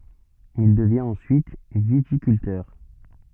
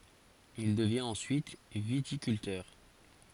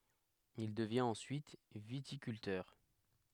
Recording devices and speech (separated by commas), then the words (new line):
soft in-ear microphone, forehead accelerometer, headset microphone, read sentence
Il devient ensuite viticulteur.